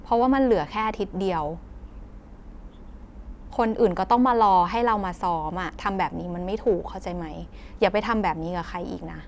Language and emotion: Thai, frustrated